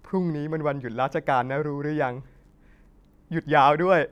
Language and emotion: Thai, sad